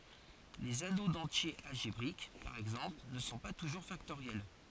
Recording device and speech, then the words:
forehead accelerometer, read sentence
Les anneaux d'entiers algébriques, par exemple, ne sont pas toujours factoriels.

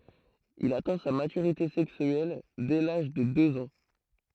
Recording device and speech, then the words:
throat microphone, read sentence
Il atteint sa maturité sexuelle dès l'âge de deux ans.

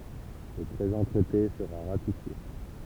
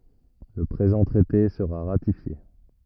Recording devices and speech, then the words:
temple vibration pickup, rigid in-ear microphone, read sentence
Le présent traité sera ratifié.

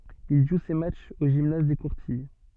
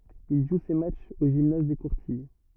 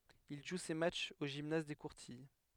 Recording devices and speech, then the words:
soft in-ear microphone, rigid in-ear microphone, headset microphone, read sentence
Il joue ses matchs au gymnase des Courtilles.

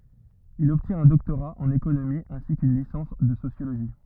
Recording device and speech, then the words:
rigid in-ear microphone, read sentence
Il obtient un doctorat en économie ainsi qu'une licence de sociologie.

